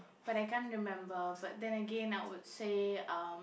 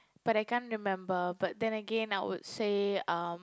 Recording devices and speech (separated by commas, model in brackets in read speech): boundary microphone, close-talking microphone, conversation in the same room